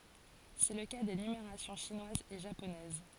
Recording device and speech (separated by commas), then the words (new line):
forehead accelerometer, read sentence
C'est le cas des numérations chinoise et japonaise.